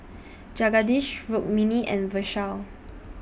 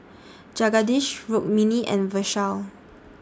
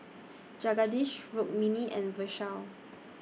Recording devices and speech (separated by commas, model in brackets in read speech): boundary microphone (BM630), standing microphone (AKG C214), mobile phone (iPhone 6), read sentence